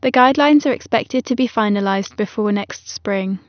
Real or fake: real